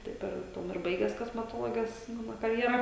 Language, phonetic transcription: Lithuanian, ˈtaip ir ˈtuom ir ˈbaiges kosmeˈtologes ˈmano karjeˈra

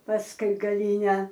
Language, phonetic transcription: Lithuanian, pasˈkui gaˈlyne

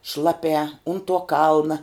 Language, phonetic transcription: Lithuanian, ˈšlaˌpiā un tuo ˈkalna

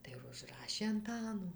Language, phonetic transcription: Lithuanian, tai vužˈrašė anˈtano

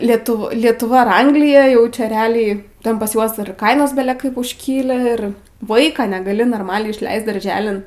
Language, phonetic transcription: Lithuanian, lieˈtu lietuˈva ar ˈanglija ˈjau čia reˈaliai ˈten pas ˈjuos ir ˈkainos bele ˈkaip užˈkyli ir ˈvaiką negaˈli norˈmaliai išˈleist darˈželin

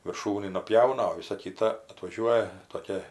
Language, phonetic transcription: Lithuanian, virˈšūnį nuˈpjauna o ˈvisa ˈkita atvaˈžiuoja toˈkia

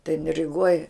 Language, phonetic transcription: Lithuanian, tai jin riˈgoj

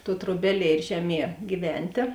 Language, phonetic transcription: Lithuanian, tuo truoˈbeˌlie ir ˈžeˌmie giˈventė

